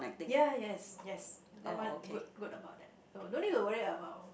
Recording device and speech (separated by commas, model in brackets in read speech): boundary microphone, conversation in the same room